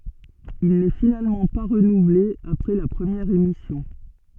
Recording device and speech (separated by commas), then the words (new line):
soft in-ear microphone, read sentence
Il n'est finalement pas renouvelé après la première émission.